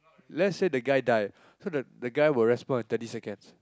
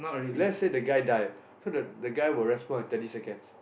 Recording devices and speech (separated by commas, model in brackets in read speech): close-talking microphone, boundary microphone, conversation in the same room